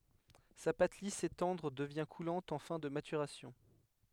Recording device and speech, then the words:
headset microphone, read sentence
Sa pâte lisse et tendre devient coulante en fin de maturation.

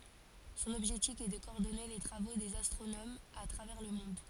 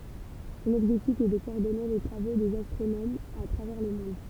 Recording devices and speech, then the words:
forehead accelerometer, temple vibration pickup, read sentence
Son objectif est de coordonner les travaux des astronomes à travers le monde.

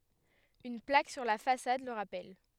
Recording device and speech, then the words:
headset microphone, read sentence
Une plaque sur la façade le rappelle.

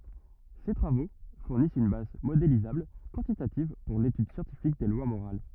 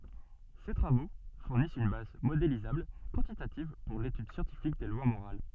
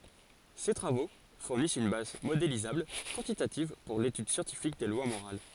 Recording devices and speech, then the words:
rigid in-ear microphone, soft in-ear microphone, forehead accelerometer, read sentence
Ces travaux fournissent une base modélisable, quantitative, pour l'étude scientifique des lois morales.

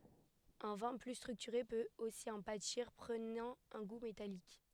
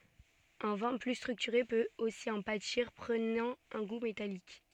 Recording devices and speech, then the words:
headset microphone, soft in-ear microphone, read sentence
Un vin plus structuré peut aussi en pâtir, prenant un goût métallique.

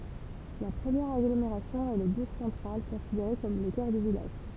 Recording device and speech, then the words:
temple vibration pickup, read sentence
La première agglomération est le bourg central, considéré comme le cœur du village.

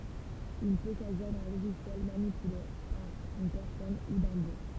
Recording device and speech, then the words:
temple vibration pickup, read sentence
Il peut s'agir d'un logiciel manipulé par une personne, ou d'un bot.

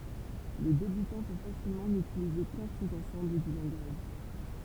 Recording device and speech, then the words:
temple vibration pickup, read sentence
Le débutant peut facilement n'utiliser qu'un sous-ensemble du langage.

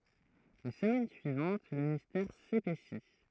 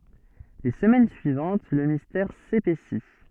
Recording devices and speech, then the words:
throat microphone, soft in-ear microphone, read sentence
Les semaines suivantes, le mystère s'épaissit.

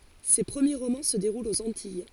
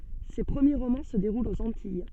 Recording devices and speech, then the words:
forehead accelerometer, soft in-ear microphone, read sentence
Ses premiers romans se déroulent aux Antilles.

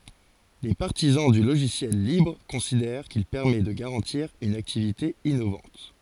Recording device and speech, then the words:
forehead accelerometer, read sentence
Les partisans du logiciel libre considèrent qu'il permet de garantir une activité innovante.

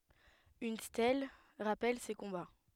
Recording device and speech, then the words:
headset microphone, read sentence
Une stèle rappelle ces combats.

